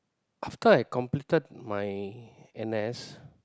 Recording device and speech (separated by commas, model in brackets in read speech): close-talking microphone, conversation in the same room